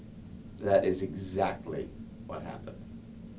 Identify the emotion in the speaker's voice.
neutral